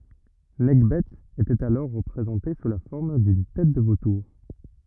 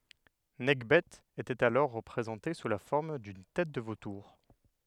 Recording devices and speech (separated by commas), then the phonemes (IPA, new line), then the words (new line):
rigid in-ear microphone, headset microphone, read sentence
nɛkbɛ etɛt alɔʁ ʁəpʁezɑ̃te su la fɔʁm dyn tɛt də votuʁ
Nekhbet était alors représentée sous la forme d'une tête de vautour.